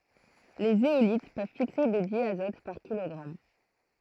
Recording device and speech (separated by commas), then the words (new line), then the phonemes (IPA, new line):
throat microphone, read sentence
Les zéolites peuvent fixer de diazote par kilogramme.
le zeolit pøv fikse də djazɔt paʁ kilɔɡʁam